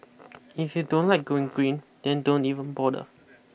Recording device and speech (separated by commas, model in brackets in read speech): boundary microphone (BM630), read sentence